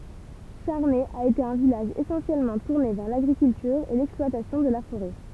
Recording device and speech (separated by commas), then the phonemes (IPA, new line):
temple vibration pickup, read sentence
ʃaʁnɛ a ete œ̃ vilaʒ esɑ̃sjɛlmɑ̃ tuʁne vɛʁ laɡʁikyltyʁ e lɛksplwatasjɔ̃ də la foʁɛ